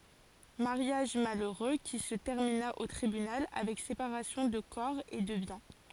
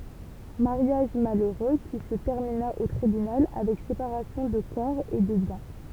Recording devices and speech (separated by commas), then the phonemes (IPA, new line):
forehead accelerometer, temple vibration pickup, read sentence
maʁjaʒ maløʁø ki sə tɛʁmina o tʁibynal avɛk sepaʁasjɔ̃ də kɔʁ e də bjɛ̃